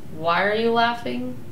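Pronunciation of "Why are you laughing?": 'Why are you laughing?' is said as a question with a falling intonation.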